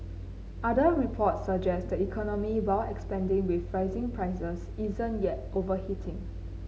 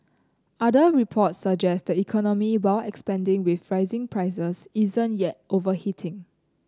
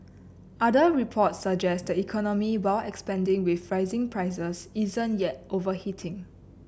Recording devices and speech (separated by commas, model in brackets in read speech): mobile phone (Samsung C9), close-talking microphone (WH30), boundary microphone (BM630), read sentence